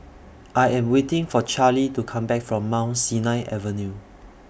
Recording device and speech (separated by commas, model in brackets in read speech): boundary microphone (BM630), read sentence